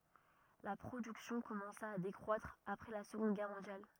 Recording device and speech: rigid in-ear microphone, read sentence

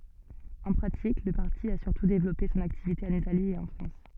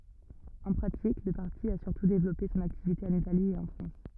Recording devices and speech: soft in-ear microphone, rigid in-ear microphone, read sentence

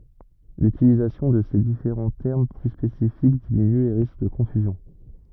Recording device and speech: rigid in-ear microphone, read sentence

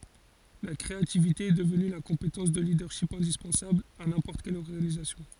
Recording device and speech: forehead accelerometer, read sentence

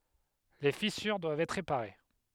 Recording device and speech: headset microphone, read sentence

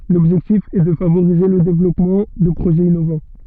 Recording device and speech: soft in-ear microphone, read sentence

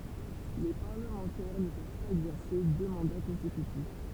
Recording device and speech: temple vibration pickup, read sentence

